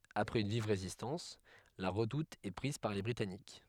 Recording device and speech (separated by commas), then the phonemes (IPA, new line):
headset microphone, read sentence
apʁɛz yn viv ʁezistɑ̃s la ʁədut ɛ pʁiz paʁ le bʁitanik